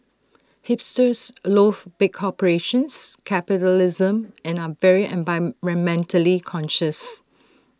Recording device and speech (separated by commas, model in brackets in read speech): standing microphone (AKG C214), read sentence